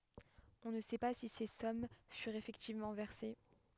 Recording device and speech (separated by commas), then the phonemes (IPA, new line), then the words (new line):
headset microphone, read sentence
ɔ̃ nə sɛ pa si se sɔm fyʁt efɛktivmɑ̃ vɛʁse
On ne sait pas si ces sommes furent effectivement versées.